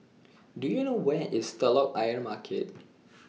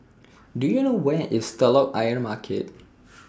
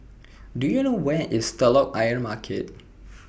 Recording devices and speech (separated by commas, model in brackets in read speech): mobile phone (iPhone 6), standing microphone (AKG C214), boundary microphone (BM630), read sentence